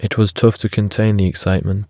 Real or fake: real